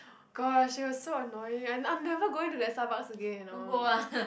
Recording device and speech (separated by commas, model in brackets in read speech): boundary microphone, conversation in the same room